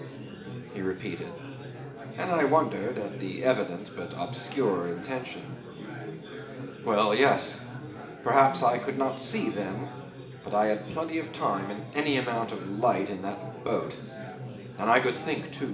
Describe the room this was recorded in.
A big room.